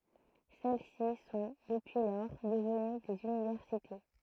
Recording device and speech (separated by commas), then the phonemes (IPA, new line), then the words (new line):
throat microphone, read sentence
sɛl si sɔ̃ dəpyi lɔʁ dəvəny dez ynivɛʁsite
Celles-ci sont, depuis lors, devenues des universités.